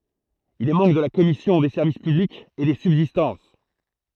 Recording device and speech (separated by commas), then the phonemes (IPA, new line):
throat microphone, read sentence
il ɛ mɑ̃bʁ də la kɔmisjɔ̃ de sɛʁvis pyblikz e de sybzistɑ̃s